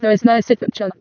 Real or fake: fake